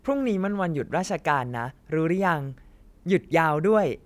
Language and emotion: Thai, happy